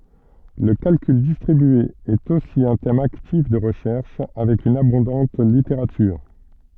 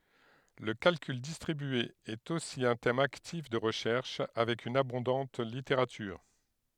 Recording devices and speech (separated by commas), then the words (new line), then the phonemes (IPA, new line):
soft in-ear microphone, headset microphone, read sentence
Le calcul distribué est aussi un thème actif de recherche, avec une abondante littérature.
lə kalkyl distʁibye ɛt osi œ̃ tɛm aktif də ʁəʃɛʁʃ avɛk yn abɔ̃dɑ̃t liteʁatyʁ